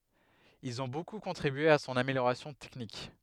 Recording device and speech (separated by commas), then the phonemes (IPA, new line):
headset microphone, read sentence
ilz ɔ̃ boku kɔ̃tʁibye a sɔ̃n ameljoʁasjɔ̃ tɛknik